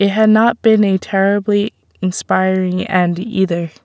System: none